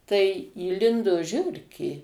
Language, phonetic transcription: Lithuanian, tai įˈlindo ˈžiurkė

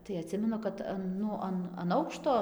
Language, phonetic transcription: Lithuanian, tai aˈtsimenu kad ˈan ˈnu an an ˈaukšto

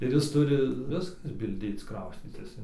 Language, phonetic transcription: Lithuanian, ir ˈjis ˈturi ˈviskas bilˈdėc ˈkrauscytis in

